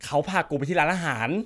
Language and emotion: Thai, happy